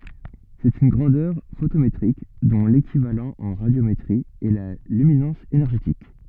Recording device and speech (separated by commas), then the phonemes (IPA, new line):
soft in-ear microphone, read sentence
sɛt yn ɡʁɑ̃dœʁ fotometʁik dɔ̃ lekivalɑ̃ ɑ̃ ʁadjometʁi ɛ la lyminɑ̃s enɛʁʒetik